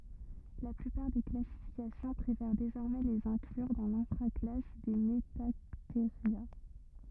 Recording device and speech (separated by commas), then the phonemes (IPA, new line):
rigid in-ear microphone, read sentence
la plypaʁ de klasifikasjɔ̃ pʁefɛʁ dezɔʁmɛ lez ɛ̃klyʁ dɑ̃ lɛ̃fʁa klas de mətateʁja